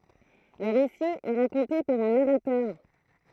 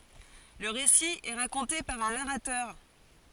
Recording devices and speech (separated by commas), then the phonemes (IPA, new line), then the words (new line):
throat microphone, forehead accelerometer, read sentence
lə ʁesi ɛ ʁakɔ̃te paʁ œ̃ naʁatœʁ
Le récit est raconté par un narrateur.